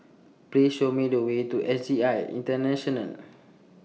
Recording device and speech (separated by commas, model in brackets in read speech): mobile phone (iPhone 6), read sentence